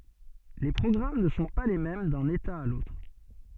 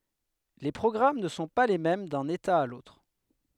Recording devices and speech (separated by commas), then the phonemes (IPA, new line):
soft in-ear microphone, headset microphone, read sentence
le pʁɔɡʁam nə sɔ̃ pa le mɛm dœ̃n eta a lotʁ